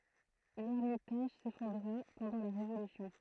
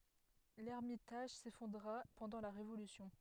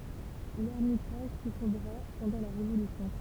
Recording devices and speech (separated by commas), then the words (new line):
throat microphone, headset microphone, temple vibration pickup, read sentence
L'ermitage s'effondra pendant la Révolution.